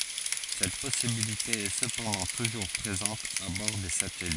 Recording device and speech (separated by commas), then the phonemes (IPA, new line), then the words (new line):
forehead accelerometer, read sentence
sɛt pɔsibilite ɛ səpɑ̃dɑ̃ tuʒuʁ pʁezɑ̃t a bɔʁ de satɛlit
Cette possibilité est cependant toujours présente à bord des satellites.